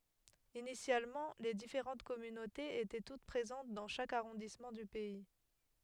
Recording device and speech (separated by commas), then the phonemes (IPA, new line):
headset microphone, read sentence
inisjalmɑ̃ le difeʁɑ̃t kɔmynotez etɛ tut pʁezɑ̃t dɑ̃ ʃak aʁɔ̃dismɑ̃ dy pɛi